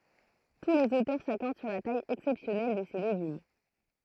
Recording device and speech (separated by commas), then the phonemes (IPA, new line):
throat microphone, read sentence
tu lez otœʁ sakɔʁd syʁ la taj ɛksɛpsjɔnɛl də se leɡym